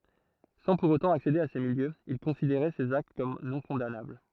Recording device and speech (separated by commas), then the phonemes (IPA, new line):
throat microphone, read sentence
sɑ̃ puʁ otɑ̃ aksede a se miljøz il kɔ̃sideʁɛ sez akt kɔm nɔ̃kɔ̃danabl